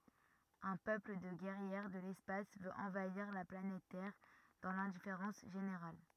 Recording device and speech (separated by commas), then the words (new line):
rigid in-ear microphone, read sentence
Un peuple de guerrières de l'espace veut envahir la planète Terre dans l'indifférence générale.